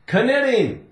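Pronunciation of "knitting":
'Knitting' is pronounced incorrectly here.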